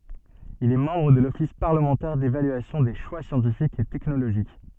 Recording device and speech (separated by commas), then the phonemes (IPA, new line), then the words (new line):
soft in-ear microphone, read sentence
il ɛ mɑ̃bʁ də lɔfis paʁləmɑ̃tɛʁ devalyasjɔ̃ de ʃwa sjɑ̃tifikz e tɛknoloʒik
Il est membre de l'Office parlementaire d'évaluation des choix scientifiques et technologiques.